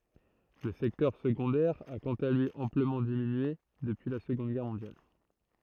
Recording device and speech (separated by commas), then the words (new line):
throat microphone, read sentence
Le secteur secondaire a, quant à lui, amplement diminué depuis la Seconde Guerre mondiale.